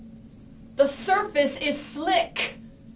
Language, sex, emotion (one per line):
English
female
angry